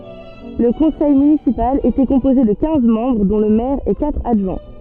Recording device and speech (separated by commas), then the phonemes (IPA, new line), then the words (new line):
soft in-ear microphone, read sentence
lə kɔ̃sɛj mynisipal etɛ kɔ̃poze də kɛ̃z mɑ̃bʁ dɔ̃ lə mɛʁ e katʁ adʒwɛ̃
Le conseil municipal était composé de quinze membres dont le maire et quatre adjoints.